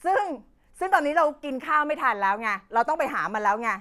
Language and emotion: Thai, angry